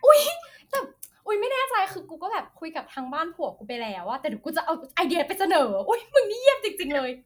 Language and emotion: Thai, happy